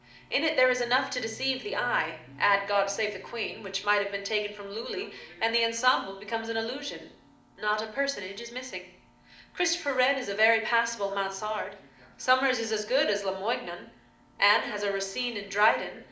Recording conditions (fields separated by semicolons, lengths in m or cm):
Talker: one person; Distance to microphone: 2.0 m; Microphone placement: close; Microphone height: 99 cm; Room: medium-sized (5.7 m by 4.0 m); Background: television